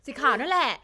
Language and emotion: Thai, happy